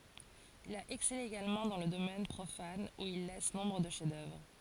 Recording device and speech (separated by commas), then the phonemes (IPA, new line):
forehead accelerometer, read sentence
il a ɛksɛle eɡalmɑ̃ dɑ̃ lə domɛn pʁofan u il lɛs nɔ̃bʁ də ʃɛfzdœvʁ